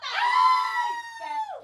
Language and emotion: Thai, happy